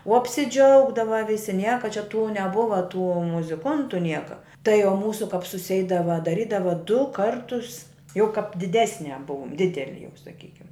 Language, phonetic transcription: Lithuanian, o apsiˈdžiaugdava ˈvisi ˈnieka čia tų neˈbuva tų muziˈkuntu ˈnieka tai o ˈmūsu kap suˈseidava daˈrydava du ˈkartus jau kap diˈdesne ˈbuum ˈdideli jau saˈkykim

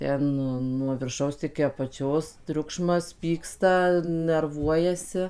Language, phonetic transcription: Lithuanian, ˈten ˈnu nuo virˈšaus iki apaˈčios ˈtriukšmas ˈpyksta nerˈvuojasi

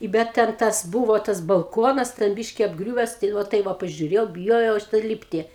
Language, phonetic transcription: Lithuanian, i ˈbet ten ˈtas ˈbūvo tas balˈkonas ten ˈbyški apˈgriūves tai ˈva ˈtai va pažiuˈrėjau biˈjojau aš tai ˈlypti

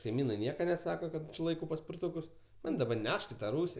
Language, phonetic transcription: Lithuanian, kaiˈmynai ˈnieka neˈsaka ˈkad či ˈlaikau paspirˈtukus ˈman' daˈba ˈnešk i ta ˈrūsi

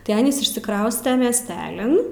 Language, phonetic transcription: Lithuanian, tai ˈanys išsiˈkrauste miesˈtelin

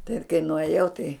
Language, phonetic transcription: Lithuanian, tai kai nuaˈjau tai

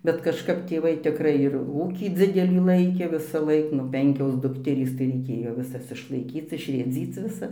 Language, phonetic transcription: Lithuanian, bet kažˈkap tėˈvai tikˈrai ir ˈūkį ˈdzidelį ˈlaikė visaˈlaik nu ˈpenkios ˈdukterys tai reiˈkėjo viˈsas išlaiˈkyc išrėˈdzyc viˈsas

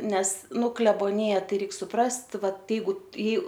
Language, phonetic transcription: Lithuanian, ˈnes ˈnu kleboˈnija ˈtai ˈreik suˈprast ˈvat ˈjeigu i

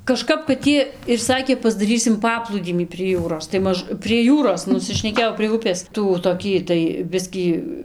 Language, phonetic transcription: Lithuanian, kaˈžkap kad ˈjie ir ˈsakė pasdaˈrysim ˈpaplūdymį prie ˈjūros tai ˈmaž prie ˈjūros nusišneˈkėjau prie ˈupės ˈtų toˈkį tai ˈbiskį

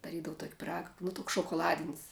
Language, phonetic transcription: Lithuanian, daˈrydavu tok' piˈraga nu ˈtuks šokoˈladin's'

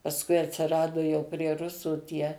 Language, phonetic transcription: Lithuanian, pasˈkui atsiˈradu jau prie ˈrusų ˈtie

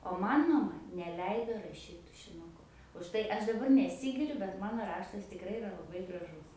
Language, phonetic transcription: Lithuanian, o ˈman maˈma neˈleido raˈšyt tušinuˈku už ˈtai ˈaš daˈbar neˈsygiriu bet ˈmano ˈraštas tikˈrai iˈra laˈbai graˈžus

